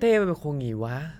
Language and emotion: Thai, frustrated